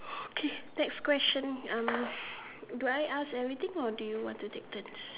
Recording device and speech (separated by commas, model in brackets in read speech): telephone, conversation in separate rooms